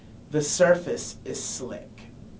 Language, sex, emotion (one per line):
English
male
neutral